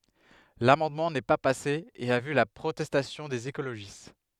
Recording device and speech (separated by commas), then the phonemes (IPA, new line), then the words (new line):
headset microphone, read sentence
lamɑ̃dmɑ̃ nɛ pa pase e a vy la pʁotɛstasjɔ̃ dez ekoloʒist
L'amendement n'est pas passé et a vu la protestation des écologistes.